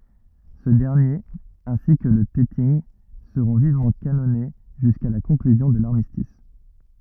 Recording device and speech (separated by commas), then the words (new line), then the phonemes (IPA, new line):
rigid in-ear microphone, read sentence
Ce dernier, ainsi que le Teting, seront vivement canonnés jusqu'à la conclusion de l'armistice.
sə dɛʁnjeʁ ɛ̃si kə lə tɛtinɡ səʁɔ̃ vivmɑ̃ kanɔne ʒyska la kɔ̃klyzjɔ̃ də laʁmistis